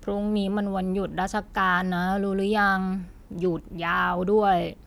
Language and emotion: Thai, frustrated